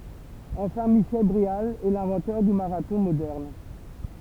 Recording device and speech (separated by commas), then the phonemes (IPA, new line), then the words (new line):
temple vibration pickup, read sentence
ɑ̃fɛ̃ miʃɛl bʁeal ɛ lɛ̃vɑ̃tœʁ dy maʁatɔ̃ modɛʁn
Enfin, Michel Bréal est l'inventeur du marathon moderne.